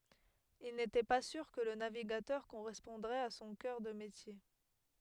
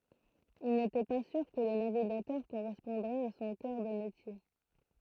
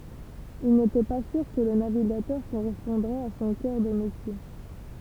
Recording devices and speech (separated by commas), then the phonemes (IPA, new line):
headset microphone, throat microphone, temple vibration pickup, read sentence
il netɛ pa syʁ kə lə naviɡatœʁ koʁɛspɔ̃dʁɛt a sɔ̃ kœʁ də metje